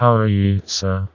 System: TTS, vocoder